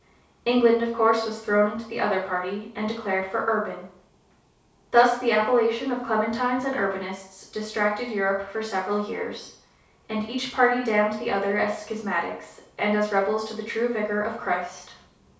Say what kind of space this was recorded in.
A small room (about 3.7 m by 2.7 m).